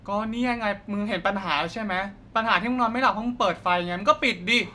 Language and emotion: Thai, frustrated